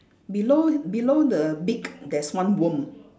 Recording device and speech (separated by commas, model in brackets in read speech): standing microphone, conversation in separate rooms